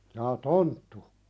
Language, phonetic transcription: Finnish, jaa "tonttu ?
- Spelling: jaa tonttu

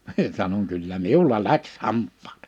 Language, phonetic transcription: Finnish, (mie) sanoŋ » kyllä "miul̀a "läks 'hamp̆pᴀᴀt .
- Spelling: minä sanon kyllä minulla lähti hampaat

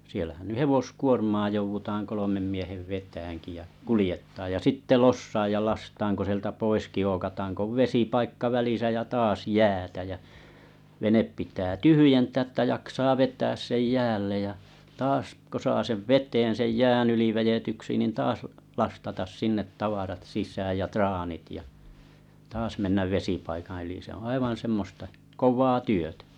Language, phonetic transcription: Finnish, 'siellähän ny "hevoskuormaa jouvutaaŋ 'kolomem 'miehev 'vetääŋki ja , "kulⁱjettaaj ja 'sitte "lossaaj ja "lastaaŋ ko sⁱeltä 'poiski 'ookataaŋ k ‿ov "vesipaikk₍a 'välisä ja 'taas "jäätä jä , 'venep pitää "tyhyjentää ‿tta 'jaksaa 'vet̀ääs sej "jäällej ja , 'taas ko saa sev "vet̀een sej "jään ‿yli vejetyksi nin taas , 'lastatas "sinnet "sis̀ääj ja "traanit ja , 'taas mennäv "vesipaikaa̰ yli se oo̰ 'aivan̬ semmosta , "kov̀aa 'työtä .
- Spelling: siellähän nyt hevoskuormaa joudutaan kolmen miehen vetämäänkin ja kuljettamaan ja sitten lossaamaan ja lastaamaan kun sieltä poiskin ookataan kun on vesipaikka välissä ja taas jäätä ja vene pitää tyhjentää jotta jaksaa vetää sen jäälle ja taas kun saa sen veteen sen jään yli vedetyksi niin taas lastata sinne sisään ja traanit ja taas mennä vesipaikan yli se on aivan semmoista kovaa työtä

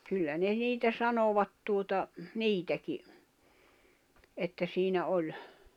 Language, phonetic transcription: Finnish, kyllä ne 'niitä 'sanovat tuota , "niitäki , että siinä 'oĺ .
- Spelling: kyllä ne niitä sanoivat tuota niitäkin että siinä oli

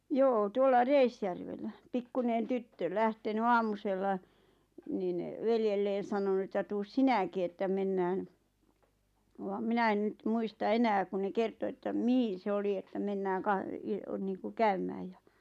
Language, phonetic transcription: Finnish, joo 'tuolla "Reisjärvellä' 'pikkunen "tyttö , 'lähteny "aamusella , niin , "veljelleen̬ 'sanonu että » 'tuus "sinäki että 'mennään « , vaᵐ "minä en nyt 'muista "enää ku ne 'kerto että "mihin̬ se 'oli että » 'mennääŋ 'ka- « , niiŋku » "käymääj « ja ,.
- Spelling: joo tuolla Reisjärvellä pikkuinen tyttö lähtenyt aamusella niin veljelleen sanonut että tule sinäkin että mennään vaan minä en nyt muista enää kun ne kertoi että mihin se oli että mennään - niin kuin käymään ja

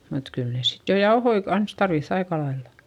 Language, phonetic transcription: Finnish, mut kyl ne sit jo jaohoi kans tarviϑϑ ‿aikalailla .
- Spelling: mutta kyllä ne sitten jo jauhoja kanssa tarvitsi aika lailla

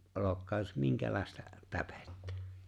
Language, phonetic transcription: Finnish, '’olokkaaj jos "miŋkälàesta , "täpettᴀ̈ .
- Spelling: olokoon jos minkälaista täpettä

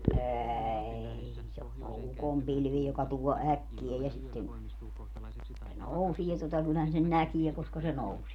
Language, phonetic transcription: Finnish, "ääei se o ne o "ukompilvi joka tuo "äkkiä ja sitten , se "nousie tota kyllähän sen "näkie koska se 'nousie .
- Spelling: ei se on ne on ukonpilvi joka tuo äkkiä ja sitten se nousee tuota kyllähän sen näkee koska se nousee

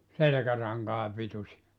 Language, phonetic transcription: Finnish, 'selᵉkäraŋkaa 'pitusi₍a .
- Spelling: selkärankaa pituisia

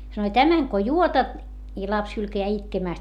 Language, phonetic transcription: Finnish, sanoi » tämäŋ ko juotat , i laps hylkäjää itkemä̀st » .
- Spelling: sanoi tämän kun juotat ja lapsi hylkää itkemästä

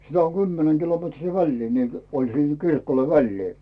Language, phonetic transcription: Finnish, sitä oŋ "Gymmenäŋ Gilometrii 'väĺlii , niil , oĺ sìŋ 'kirkoⁱlᴇ "vällii .
- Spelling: sitä on kymmenen kilometriä väliä niillä oli siinä kirkoilla väliä

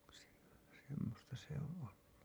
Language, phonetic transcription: Finnish, sem- , semmosta se ‿oo̰ ‿ollu .
- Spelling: - semmoista se on ollut

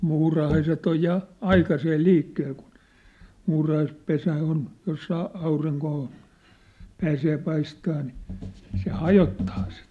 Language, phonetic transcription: Finnish, 'muurahaiset ‿oj ja , "aikasee "liikkeel kun̬ , 'muurahaispesä on , jos saa 'auriŋkoo , pääsee 'paistaa ni , se "hajottaa sen̬ .
- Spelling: muurahaiset on ja aikaisin liikkeellä kun muurahaispesä on jos saa aurinkoa pääsee paistamaan niin se hajottaa sen

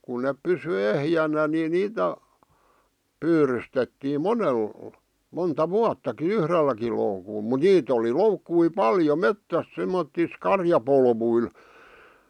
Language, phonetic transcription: Finnish, kun nep pysy 'ehjänä ni 'niitä , 'pyyrystettiim "monel , monta "vuattaki "yhrelläki loukul , mu 'niit ‿oli "loukkui "paljo "mettäs semmottis "karjapolvuil .
- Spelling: kun ne pysyi ehjänä niin niitä pyydystettiin monella monta vuottakin yhdelläkin loukulla mutta niitä oli loukkuja paljon metsässä semmottoon karjapoluilla

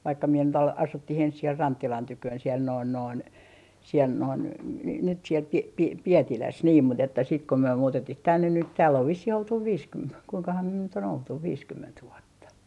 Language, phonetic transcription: Finnish, 'vaikka mie nyt ‿al - 'asuttih ‿ens siel "Ranttilan 'tyköön siel noin noin , siel noin n - nyt siel 'Pi - 'Pi - 'Pietiläs niim mu't ‿että sit ko myö 'muutettih "tännen nyt tääll ‿ov 'vissih oltuv "viiskym - kuiŋkaham myö nyt ‿on 'oltuv "viiskymment 'vuotta .
- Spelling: vaikka minä nyt - asuttiin ensin siellä Rantsilan tykönä siellä noin noin siellä noin - nyt siellä - - Pietilässä niin mutta että sitten kun me muutettiin tänne nyt täällä on vissiin oltu - kuinkahan me nyt on oltu viisikymmentä vuotta

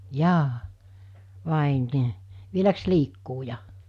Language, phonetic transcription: Finnish, 'jaa , "vàe "nii , 'vieläks 'liikkuu ja ?
- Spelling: jaa vai niin vieläkö liikkuu ja

